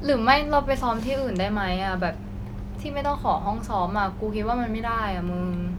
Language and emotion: Thai, frustrated